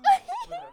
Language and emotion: Thai, happy